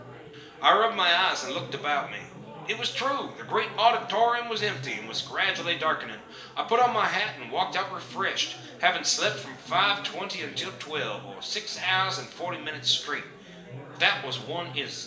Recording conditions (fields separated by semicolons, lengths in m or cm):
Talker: one person; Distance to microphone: 1.8 m; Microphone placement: close; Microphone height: 1.0 m; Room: large; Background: babble